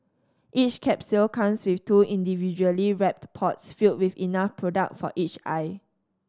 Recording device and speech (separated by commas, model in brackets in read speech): standing microphone (AKG C214), read sentence